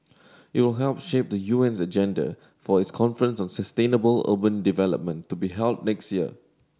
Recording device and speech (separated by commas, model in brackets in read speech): standing microphone (AKG C214), read sentence